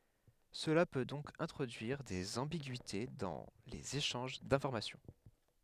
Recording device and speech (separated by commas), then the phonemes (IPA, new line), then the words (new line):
headset microphone, read sentence
səla pø dɔ̃k ɛ̃tʁodyiʁ dez ɑ̃biɡyite dɑ̃ lez eʃɑ̃ʒ dɛ̃fɔʁmasjɔ̃
Cela peut donc introduire des ambiguïtés dans les échanges d'information.